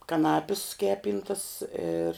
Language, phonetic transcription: Lithuanian, kaˈnapis ˈkepyntas ir

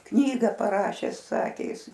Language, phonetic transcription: Lithuanian, ˈknyga paˈrašes ˈsakė ˈjis

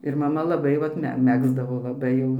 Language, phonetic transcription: Lithuanian, ir maˈma laˈbai ˈvat ˈme ˈmegzdavo laˈbai jau

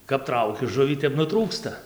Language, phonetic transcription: Lithuanian, kap ˈtrauki ˈžuvį ˈtep nuˈtrūksta

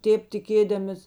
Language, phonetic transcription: Lithuanian, ˈtėp tiˈkėdamis

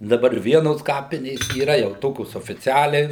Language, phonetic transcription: Lithuanian, daˈbar ˈvienos ˈkapinės yˈra jau ˈtokios ofiˈcialiai

